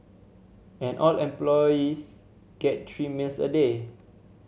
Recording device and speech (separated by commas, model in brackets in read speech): mobile phone (Samsung C7100), read sentence